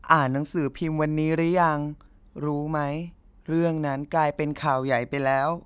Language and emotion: Thai, frustrated